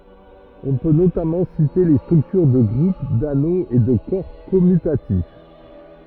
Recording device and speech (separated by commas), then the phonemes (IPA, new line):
rigid in-ear microphone, read sentence
ɔ̃ pø notamɑ̃ site le stʁyktyʁ də ɡʁup dano e də kɔʁ kɔmytatif